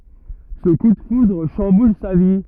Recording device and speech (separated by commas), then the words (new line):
rigid in-ear microphone, read sentence
Ce coup de foudre chamboule sa vie.